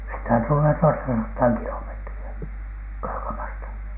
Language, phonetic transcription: Finnish, sitä tullee "toistasattaa 'kilomètri₍ä , 'Kaakamasta .
- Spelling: sitä tulee toistasataa kilometriä Kaakamasta

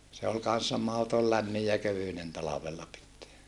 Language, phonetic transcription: Finnish, se ol kan̬ssa mahotol lämmij ja kövynen talavella pitteä .
- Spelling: se oli kanssa mahdoton lämmin ja kevyinen talvella pitää

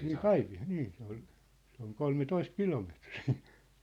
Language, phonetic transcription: Finnish, nii "Kaipi₍a- , 'nii , se ‿ol , se ‿oŋ "kolme'toist "kilometrii .
- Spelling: niin - niin se oli se on kolmetoista kilometriä

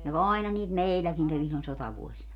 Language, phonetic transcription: Finnish, no "àina niit "mèilläkiŋ kävi sillon 'sotavuosina .
- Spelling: no aina niitä meilläkin kävi silloin sotavuosina

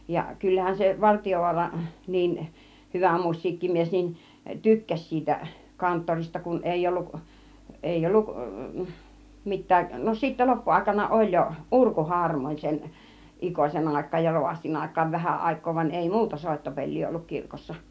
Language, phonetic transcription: Finnish, ja 'kyllähän se , 'Vartijovuara , 'niin , 'hyvä "muś̆siikkimies nin , "tykkäś 'siitä , 'kanttorista kun 'èi'ʲ ‿olluk , 'éi'ʲ ‿olluk , 'mit̆tääˀ , no sittä 'loppuàikana "oĺ jo , "ˀurkuharmooń sen , "ˀIkosen 'àik̆kaaj ja 'rovastin 'àik̆kaav 'vähä 'àik̆koo van 'ei "muuta 'sòittopeĺ̆lii olluk 'kirkossa .
- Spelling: ja kyllähän se Vartiovaara niin hyvä musiikkimies niin tykkäsi siitä kanttorista kun ei ollut ei ollut mitään no sitten loppuaikana oli jo urkuharmoni sen Ikosen aikaan ja rovastin aikaan vähä aikaa vaan ei muuta soittopeliä ollut kirkossa

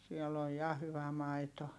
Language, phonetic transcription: Finnish, siɛl ‿oj ja hyvä maito .
- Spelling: siellä on ja hyvä maito

